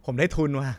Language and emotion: Thai, happy